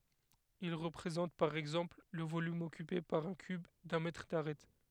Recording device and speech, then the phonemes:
headset microphone, read sentence
il ʁəpʁezɑ̃t paʁ ɛɡzɑ̃pl lə volym ɔkype paʁ œ̃ kyb dœ̃ mɛtʁ daʁɛt

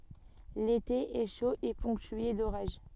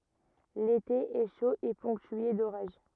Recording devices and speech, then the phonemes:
soft in-ear microphone, rigid in-ear microphone, read sentence
lete ɛ ʃo e pɔ̃ktye doʁaʒ

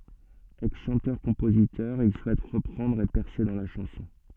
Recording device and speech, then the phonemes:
soft in-ear microphone, read sentence
ɛksʃɑ̃tœʁkɔ̃pozitœʁ il suɛt ʁəpʁɑ̃dʁ e pɛʁse dɑ̃ la ʃɑ̃sɔ̃

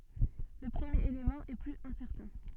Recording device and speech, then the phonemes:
soft in-ear microphone, read sentence
lə pʁəmjeʁ elemɑ̃ ɛ plyz ɛ̃sɛʁtɛ̃

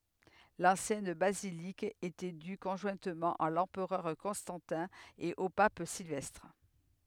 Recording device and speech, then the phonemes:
headset microphone, read sentence
lɑ̃sjɛn bazilik etɛ dy kɔ̃ʒwɛ̃tmɑ̃ a lɑ̃pʁœʁ kɔ̃stɑ̃tɛ̃ e o pap silvɛstʁ

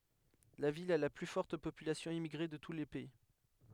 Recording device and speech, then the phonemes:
headset microphone, read sentence
la vil a la ply fɔʁt popylasjɔ̃ immiɡʁe də tu lə pɛi

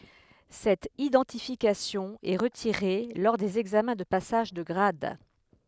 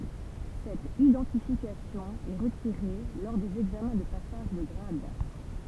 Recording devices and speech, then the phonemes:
headset microphone, temple vibration pickup, read sentence
sɛt idɑ̃tifikasjɔ̃ ɛ ʁətiʁe lɔʁ dez ɛɡzamɛ̃ də pasaʒ də ɡʁad

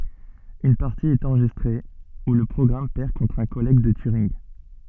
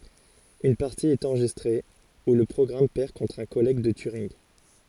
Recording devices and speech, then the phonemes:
soft in-ear microphone, forehead accelerometer, read sentence
yn paʁti ɛt ɑ̃ʁʒistʁe u lə pʁɔɡʁam pɛʁ kɔ̃tʁ œ̃ kɔlɛɡ də tyʁinɡ

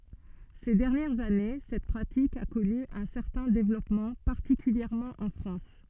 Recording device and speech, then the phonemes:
soft in-ear microphone, read sentence
se dɛʁnjɛʁz ane sɛt pʁatik a kɔny œ̃ sɛʁtɛ̃ devlɔpmɑ̃ paʁtikyljɛʁmɑ̃ ɑ̃ fʁɑ̃s

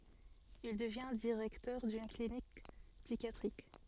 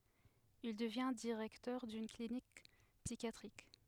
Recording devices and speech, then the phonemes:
soft in-ear microphone, headset microphone, read sentence
il dəvjɛ̃ diʁɛktœʁ dyn klinik psikjatʁik

